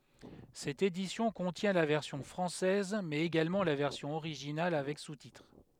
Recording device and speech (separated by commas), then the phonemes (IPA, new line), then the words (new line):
headset microphone, read sentence
sɛt edisjɔ̃ kɔ̃tjɛ̃ la vɛʁsjɔ̃ fʁɑ̃sɛz mɛz eɡalmɑ̃ la vɛʁsjɔ̃ oʁiʒinal avɛk sutitʁ
Cette édition contient la version française mais également la version originale avec sous-titres.